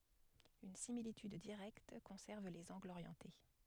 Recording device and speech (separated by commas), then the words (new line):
headset microphone, read sentence
Une similitude directe conserve les angles orientés.